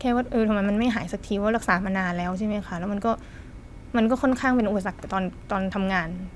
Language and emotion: Thai, frustrated